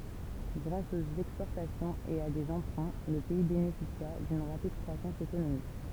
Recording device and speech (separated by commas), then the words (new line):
temple vibration pickup, read sentence
Grâce aux exportations et à des emprunts, le pays bénéficia d'une rapide croissance économique.